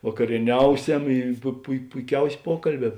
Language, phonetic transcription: Lithuanian, vakarieˈniauˌsem i pu pui puiˈkiausė ˈpuokalˌbē

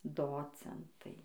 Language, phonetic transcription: Lithuanian, ˈdocentai

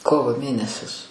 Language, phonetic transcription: Lithuanian, ˈkovo ˈmėnesis

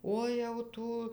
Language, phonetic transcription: Lithuanian, ˈo jau ˈtų

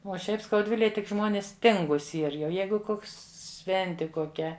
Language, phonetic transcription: Lithuanian, uo ˈšiaip skauˈdvilėj tik ˈžmonis ˈtingūs ˈyr jau ˈjeigu ˈkoks ˈšventi koˈkia

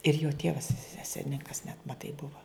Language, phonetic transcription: Lithuanian, ir jo ˈtievas ˈselninkas net maˈtai ˈbuva

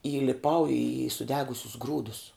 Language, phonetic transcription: Lithuanian, įliˈpau į suˈdegusius ˈgrūdus

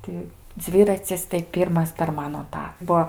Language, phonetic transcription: Lithuanian, ˈti ˈdzviracis tai ˈpyrmas per ˈmano ˈtą ˈbuo

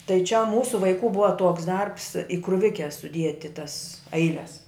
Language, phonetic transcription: Lithuanian, tai čia ˈmūsu vaiˈkų ˈbuva ˈtuoks ˈdarbs i kruˈvike suˈdieti tas ˈailes

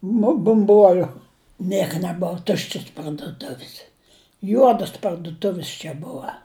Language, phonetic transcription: Lithuanian, nu bumˈbuoliu ˈnieka neˈbov ˈtuščis parduˈtuvis ˈjuodus parduˈtuvis čia ˈbua

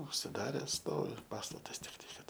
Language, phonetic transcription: Lithuanian, užsiˈdares ˈstovi ˈpastatas tikˈtai ˈkad

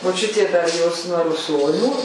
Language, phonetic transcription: Lithuanian, moˈčiutė dar ˈjos nuo ruˈsonių

